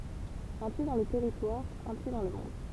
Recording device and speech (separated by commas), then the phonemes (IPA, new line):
temple vibration pickup, read sentence
œ̃ pje dɑ̃ lə tɛʁitwaʁ œ̃ pje dɑ̃ lə mɔ̃d